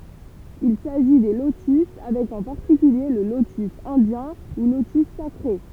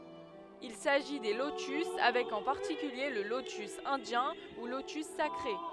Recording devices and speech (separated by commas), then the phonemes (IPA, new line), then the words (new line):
temple vibration pickup, headset microphone, read sentence
il saʒi de lotys avɛk ɑ̃ paʁtikylje lə lotys ɛ̃djɛ̃ u lotys sakʁe
Il s'agit des lotus avec en particulier le lotus indien ou lotus sacré.